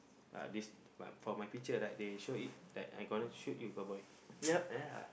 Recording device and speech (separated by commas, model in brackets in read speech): boundary microphone, conversation in the same room